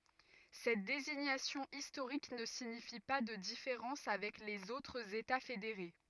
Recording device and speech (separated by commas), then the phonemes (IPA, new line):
rigid in-ear microphone, read sentence
sɛt deziɲasjɔ̃ istoʁik nə siɲifi pa də difeʁɑ̃s avɛk lez otʁz eta fedeʁe